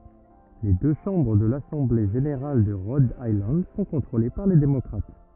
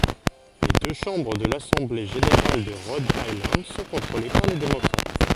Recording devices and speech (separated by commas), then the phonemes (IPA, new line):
rigid in-ear microphone, forehead accelerometer, read sentence
le dø ʃɑ̃bʁ də lasɑ̃ble ʒeneʁal də ʁɔd ajlɑ̃d sɔ̃ kɔ̃tʁole paʁ le demɔkʁat